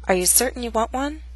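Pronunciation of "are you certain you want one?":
There are two glottal stops: one for the t in 'certain' and one for the final t of 'want', which comes right before the w sound of 'one'.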